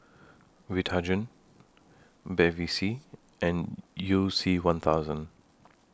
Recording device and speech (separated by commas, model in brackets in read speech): standing microphone (AKG C214), read sentence